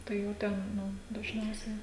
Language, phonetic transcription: Lithuanian, tai jau ˈten ˈnu dažˈniausiai

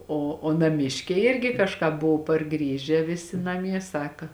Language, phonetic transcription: Lithuanian, o o naˈmiškiai ˈirgi kažˈką ˈbuvu parˈgrįžę ˈvisi naˈmie ˈsaka

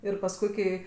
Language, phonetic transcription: Lithuanian, ir pasˈkui kai

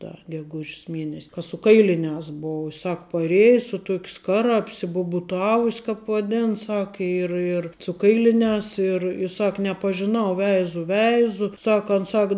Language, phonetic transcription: Lithuanian, ˈda geˈguž's ˈmienes' ka su ˈkailiniās ˈbou i ˈsak paˈrėja su ˈtuok' ˈskara apsibubuˈtavus' kāp vaˈden ˈsak ir ir su ˈkailiniās ir ˈsak nepažiˈnau ˈveizu ˈveizu ˈsak an ˈsak

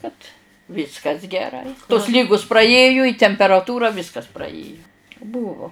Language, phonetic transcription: Lithuanian, kad ˈviskas geˈrai tos ˈlygus praˈėju i temperaˈtūra ˈvyskas praˈėju ˈbūvo

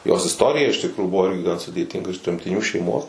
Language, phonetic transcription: Lithuanian, jos isˈtorija iš tikˈrųjų ˈbuvo ˈirgi gan sudėˈtinga iš tremtiˈnių šeiˈmos

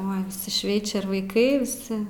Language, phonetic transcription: Lithuanian, oi viˈsi ˈšveičia ir vaiˈkai viˈsi

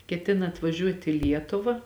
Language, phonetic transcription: Lithuanian, keˈtina atvaˈžiuot' i ˈlietuva

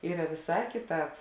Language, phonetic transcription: Lithuanian, ˈyra viˈsā kiˈtāp

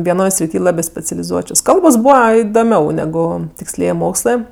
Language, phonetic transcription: Lithuanian, vieˈnoj sriˈty ˈlabė specialiˈzuočios ˈkalbos ˈbūva idoˈmiau neˈgu tiksˈliej ˈmokslɜ

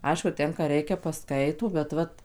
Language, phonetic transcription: Lithuanian, ˈaišku ˈten ką ˈreikia paˈskaito bet ˈvat

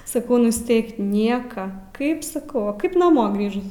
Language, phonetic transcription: Lithuanian, saˈkau nusˈteik ˈnieka ˈkaip saˈkau va ˈkaip naˈmo ˈgrįžus

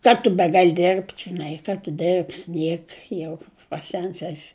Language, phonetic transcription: Lithuanian, ˈka tu ˈbegal' ˈdirbti žiˈnai ˈka tu ˈdirbs' ˈnieka jau paˈsens ˈesi

